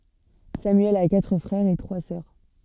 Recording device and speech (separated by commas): soft in-ear microphone, read sentence